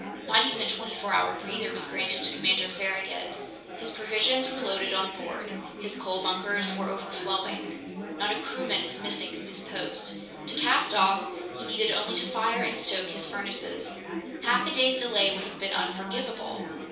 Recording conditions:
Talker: one person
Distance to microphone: 3.0 m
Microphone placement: far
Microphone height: 1.8 m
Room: small (3.7 m by 2.7 m)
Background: babble

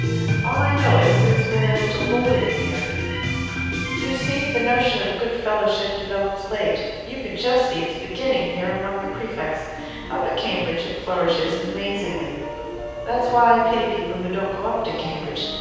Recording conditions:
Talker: one person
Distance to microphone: 7.1 m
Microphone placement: far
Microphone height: 1.7 m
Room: very reverberant, large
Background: music

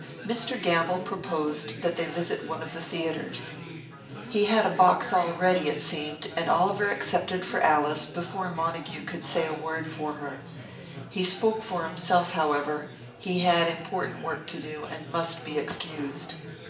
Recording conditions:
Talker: one person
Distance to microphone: 1.8 m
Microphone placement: close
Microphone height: 1.0 m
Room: large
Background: babble

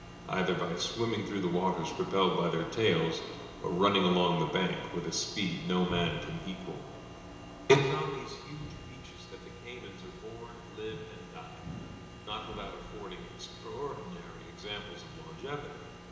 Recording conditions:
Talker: one person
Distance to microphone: 1.7 m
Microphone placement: close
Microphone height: 1.0 m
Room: very reverberant, large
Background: none

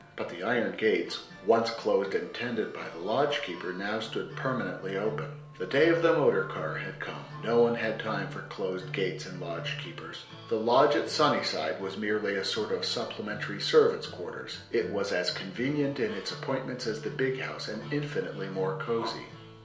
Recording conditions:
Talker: one person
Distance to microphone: 1.0 m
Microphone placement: close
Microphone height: 1.1 m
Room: small (3.7 m by 2.7 m)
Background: music

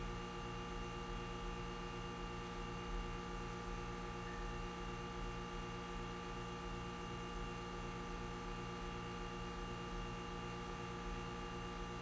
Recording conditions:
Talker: no one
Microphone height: 1.0 m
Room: very reverberant, large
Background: none

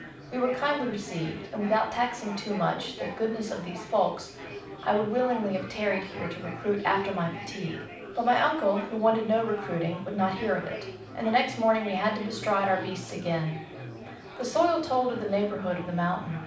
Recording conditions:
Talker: one person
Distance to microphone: 5.8 m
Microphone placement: far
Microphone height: 1.8 m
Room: medium-sized (5.7 m by 4.0 m)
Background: babble

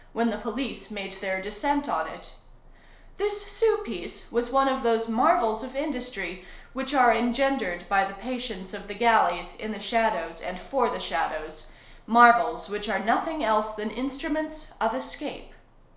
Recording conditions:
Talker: one person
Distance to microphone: 1.0 m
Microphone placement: close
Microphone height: 1.1 m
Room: small (3.7 m by 2.7 m)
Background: none

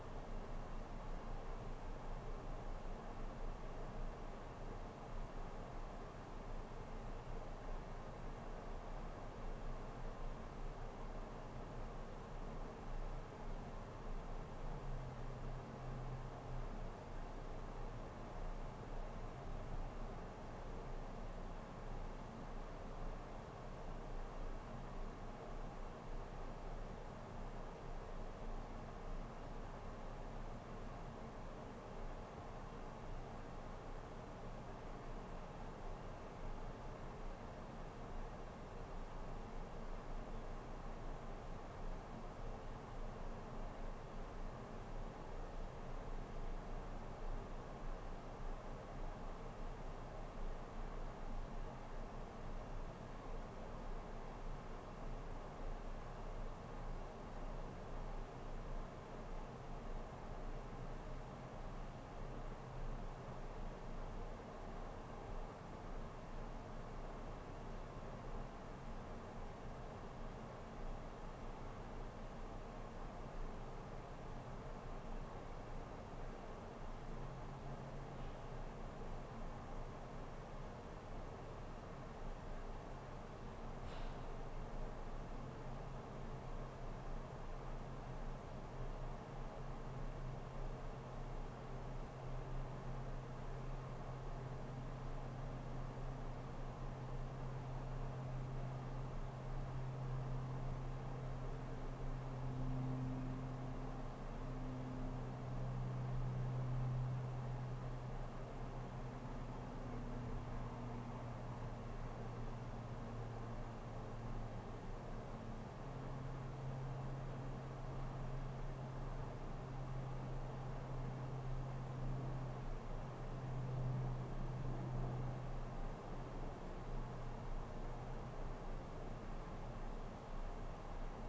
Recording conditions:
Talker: no one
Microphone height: 1.1 m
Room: small (3.7 m by 2.7 m)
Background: none

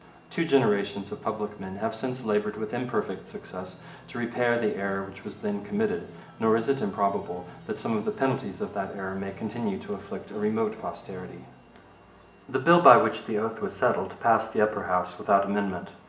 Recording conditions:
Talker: one person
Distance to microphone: 1.8 m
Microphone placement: close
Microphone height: 1.0 m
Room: large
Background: television

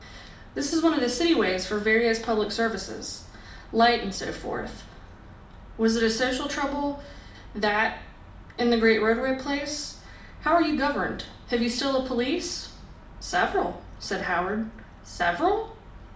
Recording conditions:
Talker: one person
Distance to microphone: 2.0 m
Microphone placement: close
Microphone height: 99 cm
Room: medium-sized (5.7 m by 4.0 m)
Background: none

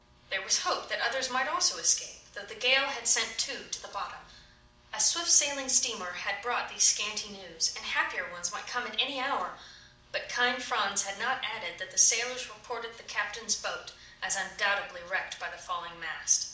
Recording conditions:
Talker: one person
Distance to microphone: 2.0 m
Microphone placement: close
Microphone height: 99 cm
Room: medium-sized (5.7 m by 4.0 m)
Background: none

